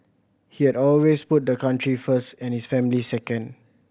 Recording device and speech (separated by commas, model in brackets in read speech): boundary microphone (BM630), read sentence